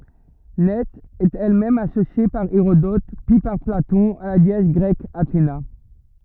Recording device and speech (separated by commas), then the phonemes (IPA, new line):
rigid in-ear microphone, read sentence
nɛ ɛt ɛl mɛm asosje paʁ eʁodɔt pyi paʁ platɔ̃ a la deɛs ɡʁɛk atena